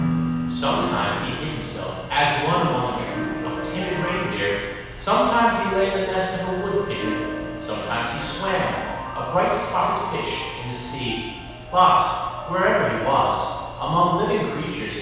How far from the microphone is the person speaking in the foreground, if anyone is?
7.1 m.